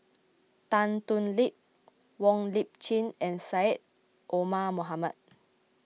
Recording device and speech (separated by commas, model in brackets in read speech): mobile phone (iPhone 6), read sentence